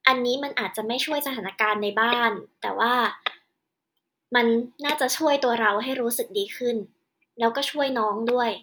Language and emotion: Thai, frustrated